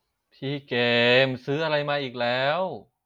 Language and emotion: Thai, frustrated